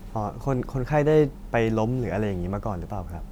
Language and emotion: Thai, neutral